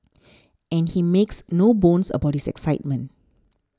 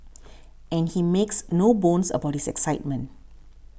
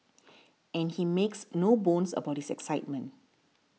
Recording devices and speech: standing microphone (AKG C214), boundary microphone (BM630), mobile phone (iPhone 6), read sentence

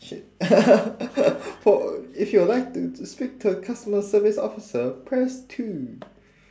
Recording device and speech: standing microphone, conversation in separate rooms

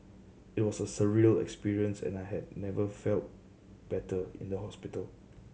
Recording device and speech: mobile phone (Samsung C7100), read sentence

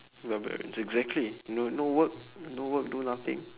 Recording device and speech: telephone, conversation in separate rooms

